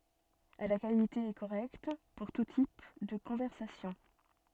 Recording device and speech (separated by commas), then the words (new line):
soft in-ear microphone, read sentence
À la qualité est correcte pour tout type de conversation.